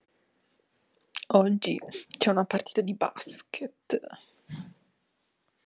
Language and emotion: Italian, disgusted